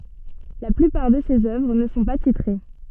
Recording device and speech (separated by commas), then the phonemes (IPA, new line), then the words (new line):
soft in-ear microphone, read sentence
la plypaʁ də sez œvʁ nə sɔ̃ pa titʁe
La plupart de ses œuvres ne sont pas titrées.